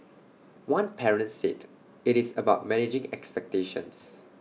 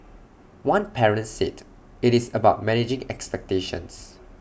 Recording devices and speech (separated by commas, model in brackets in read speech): mobile phone (iPhone 6), boundary microphone (BM630), read sentence